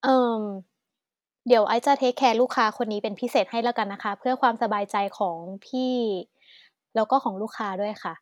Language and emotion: Thai, neutral